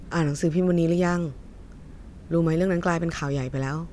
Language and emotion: Thai, neutral